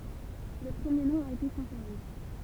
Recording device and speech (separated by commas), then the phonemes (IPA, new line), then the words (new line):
temple vibration pickup, read sentence
lə pʁəmje nɔ̃ a ete kɔ̃sɛʁve
Le premier nom a été conservé.